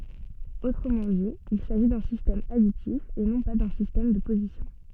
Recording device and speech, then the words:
soft in-ear microphone, read sentence
Autrement dit, il s'agit d'un système additif et non pas d'un système de position.

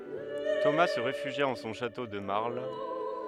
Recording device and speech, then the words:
headset microphone, read sentence
Thomas se réfugia en son château de Marle.

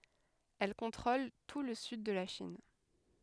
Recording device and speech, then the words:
headset microphone, read sentence
Elle contrôle tout le sud de la Chine.

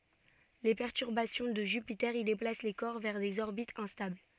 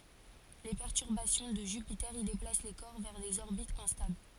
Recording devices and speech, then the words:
soft in-ear microphone, forehead accelerometer, read sentence
Les perturbations de Jupiter y déplacent les corps vers des orbites instables.

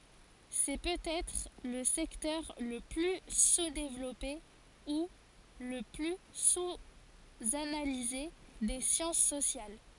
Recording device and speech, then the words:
forehead accelerometer, read sentence
C'est peut-être le secteur le plus sous-développé ou le plus sous-analysé des sciences sociales.

